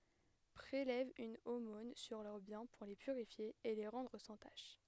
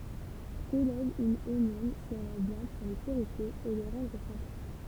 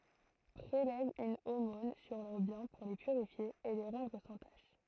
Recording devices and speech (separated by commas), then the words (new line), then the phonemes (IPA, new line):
headset microphone, temple vibration pickup, throat microphone, read sentence
Prélève une aumône sur leurs biens pour les purifier et les rendre sans tache.
pʁelɛv yn omɔ̃n syʁ lœʁ bjɛ̃ puʁ le pyʁifje e le ʁɑ̃dʁ sɑ̃ taʃ